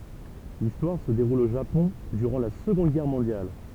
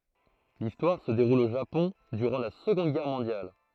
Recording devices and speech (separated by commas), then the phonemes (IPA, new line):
temple vibration pickup, throat microphone, read sentence
listwaʁ sə deʁul o ʒapɔ̃ dyʁɑ̃ la səɡɔ̃d ɡɛʁ mɔ̃djal